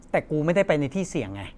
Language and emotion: Thai, frustrated